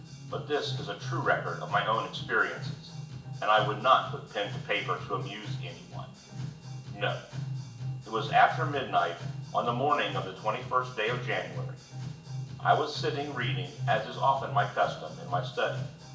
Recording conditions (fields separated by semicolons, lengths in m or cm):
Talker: one person; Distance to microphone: 1.8 m; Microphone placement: close; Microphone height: 1.0 m; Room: large; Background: music